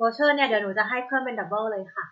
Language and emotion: Thai, neutral